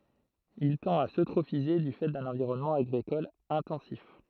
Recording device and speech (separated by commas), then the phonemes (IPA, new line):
throat microphone, read sentence
il tɑ̃t a søtʁofize dy fɛ dœ̃n ɑ̃viʁɔnmɑ̃ aɡʁikɔl ɛ̃tɑ̃sif